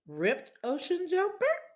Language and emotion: English, surprised